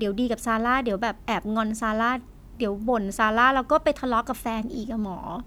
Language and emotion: Thai, frustrated